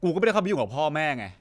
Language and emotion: Thai, frustrated